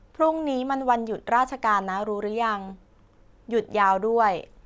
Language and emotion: Thai, neutral